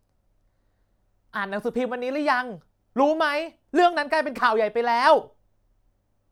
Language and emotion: Thai, angry